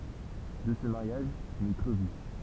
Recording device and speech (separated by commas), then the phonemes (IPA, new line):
temple vibration pickup, read sentence
də sə maʁjaʒ nɛ klovi